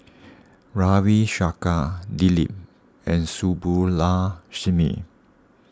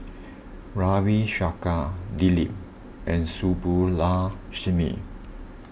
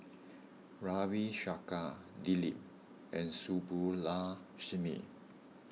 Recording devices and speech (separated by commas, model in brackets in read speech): standing microphone (AKG C214), boundary microphone (BM630), mobile phone (iPhone 6), read sentence